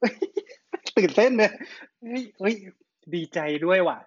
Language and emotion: Thai, happy